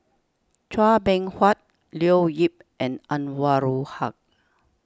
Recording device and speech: standing microphone (AKG C214), read sentence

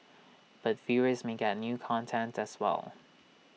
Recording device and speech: mobile phone (iPhone 6), read sentence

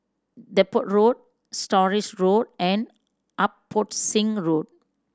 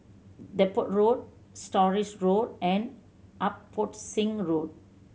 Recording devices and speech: standing microphone (AKG C214), mobile phone (Samsung C7100), read sentence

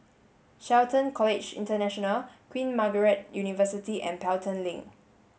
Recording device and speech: mobile phone (Samsung S8), read sentence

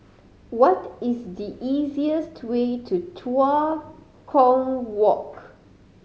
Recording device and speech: mobile phone (Samsung C5010), read sentence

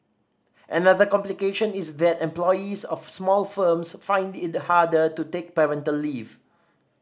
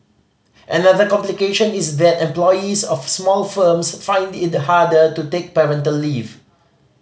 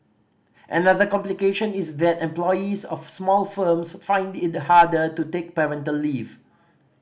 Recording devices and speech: standing microphone (AKG C214), mobile phone (Samsung C5010), boundary microphone (BM630), read sentence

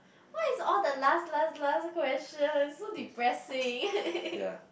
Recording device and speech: boundary microphone, conversation in the same room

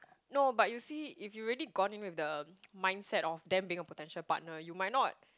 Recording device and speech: close-talking microphone, conversation in the same room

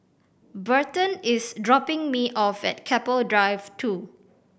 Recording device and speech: boundary microphone (BM630), read sentence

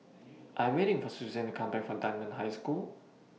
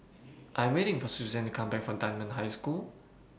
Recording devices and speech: mobile phone (iPhone 6), boundary microphone (BM630), read sentence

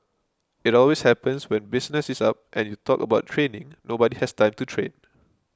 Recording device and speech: close-talking microphone (WH20), read sentence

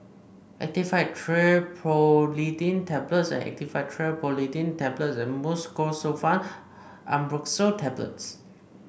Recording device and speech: boundary microphone (BM630), read sentence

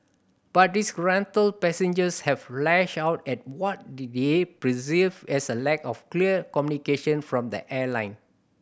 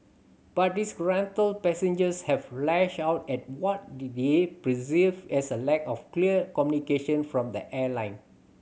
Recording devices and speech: boundary microphone (BM630), mobile phone (Samsung C7100), read sentence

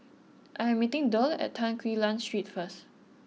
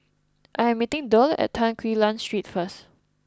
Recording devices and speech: mobile phone (iPhone 6), close-talking microphone (WH20), read sentence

